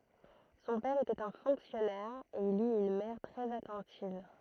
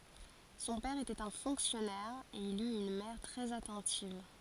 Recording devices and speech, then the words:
throat microphone, forehead accelerometer, read sentence
Son père était un fonctionnaire et il eut une mère très attentive.

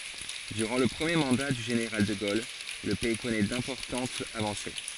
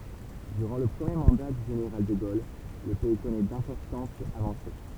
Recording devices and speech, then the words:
forehead accelerometer, temple vibration pickup, read sentence
Durant le premier mandat du général de Gaulle, le pays connaît d'importantes avancées.

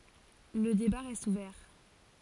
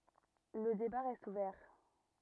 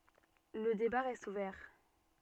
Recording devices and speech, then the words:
forehead accelerometer, rigid in-ear microphone, soft in-ear microphone, read sentence
Le débat reste ouvert.

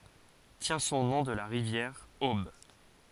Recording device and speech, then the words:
forehead accelerometer, read sentence
Tient son nom de la rivière Aube.

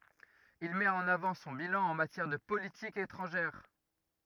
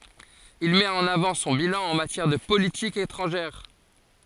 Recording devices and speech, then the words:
rigid in-ear microphone, forehead accelerometer, read sentence
Il met en avant son bilan en matière de politique étrangère.

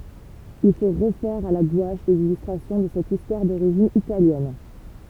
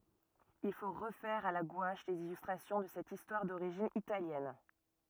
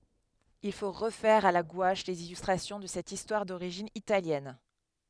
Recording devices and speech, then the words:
temple vibration pickup, rigid in-ear microphone, headset microphone, read sentence
Il faut refaire à la gouache les illustrations de cette histoire d'origine italienne.

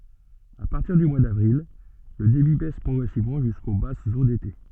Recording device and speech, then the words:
soft in-ear microphone, read sentence
À partir du mois d'avril, le débit baisse progressivement jusqu'aux basses eaux d'été.

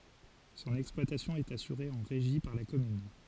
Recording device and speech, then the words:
forehead accelerometer, read sentence
Son exploitation est assurée en régie par la commune.

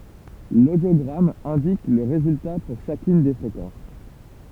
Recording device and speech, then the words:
temple vibration pickup, read sentence
L'audiogramme indique le résultat pour chacune des fréquences.

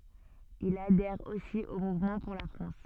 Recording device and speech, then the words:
soft in-ear microphone, read sentence
Il adhère aussi au Mouvement pour la France.

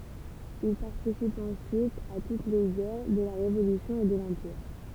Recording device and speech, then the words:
temple vibration pickup, read sentence
Il participe ensuite à toutes les guerres de la Révolution et de l'Empire.

